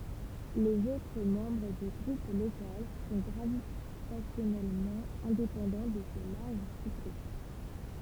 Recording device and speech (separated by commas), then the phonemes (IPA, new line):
temple vibration pickup, read sentence
lez otʁ mɑ̃bʁ dy ɡʁup lokal sɔ̃ ɡʁavitasjɔnɛlmɑ̃ ɛ̃depɑ̃dɑ̃ də se laʁʒ suzɡʁup